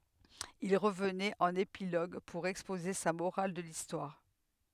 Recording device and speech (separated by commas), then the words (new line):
headset microphone, read sentence
Il revenait en épilogue pour exposer sa morale de l'histoire.